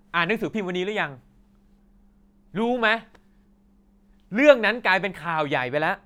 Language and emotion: Thai, angry